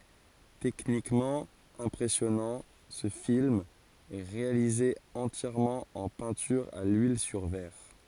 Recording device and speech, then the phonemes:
forehead accelerometer, read sentence
tɛknikmɑ̃ ɛ̃pʁɛsjɔnɑ̃ sə film ɛ ʁealize ɑ̃tjɛʁmɑ̃ ɑ̃ pɛ̃tyʁ a lyil syʁ vɛʁ

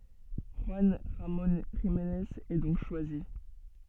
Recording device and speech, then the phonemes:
soft in-ear microphone, read sentence
ʒyɑ̃ ʁamɔ̃ ʒimnez ɛ dɔ̃k ʃwazi

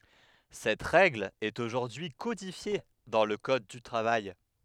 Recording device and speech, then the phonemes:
headset microphone, read sentence
sɛt ʁɛɡl ɛt oʒuʁdyi kodifje dɑ̃ lə kɔd dy tʁavaj

